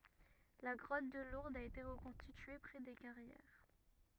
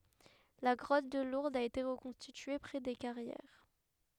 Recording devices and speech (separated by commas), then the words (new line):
rigid in-ear microphone, headset microphone, read sentence
La grotte de Lourdes a été reconstituée près des Carrières.